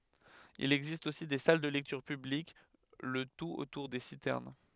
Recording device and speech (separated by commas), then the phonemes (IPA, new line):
headset microphone, read sentence
il ɛɡzist osi de sal də lɛktyʁ pyblik lə tut otuʁ de sitɛʁn